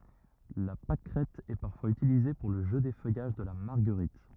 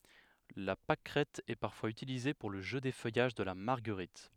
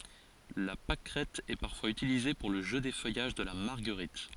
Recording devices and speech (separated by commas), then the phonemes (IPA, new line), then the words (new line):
rigid in-ear microphone, headset microphone, forehead accelerometer, read sentence
la pakʁɛt ɛ paʁfwaz ytilize puʁ lə ʒø defœjaʒ də la maʁɡəʁit
La pâquerette est parfois utilisée pour le jeu d'effeuillage de la marguerite.